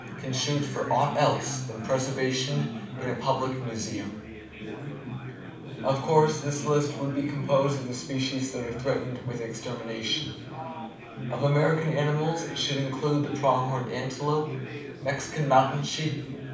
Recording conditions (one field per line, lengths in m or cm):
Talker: one person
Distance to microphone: 5.8 m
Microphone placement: far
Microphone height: 1.8 m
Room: medium-sized (5.7 m by 4.0 m)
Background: babble